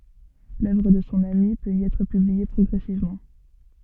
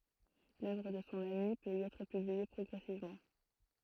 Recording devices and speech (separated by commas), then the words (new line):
soft in-ear microphone, throat microphone, read sentence
L'œuvre de son ami peut y être publiée progressivement.